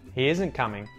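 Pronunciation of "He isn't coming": In 'He isn't coming', the t in 'isn't' is muted.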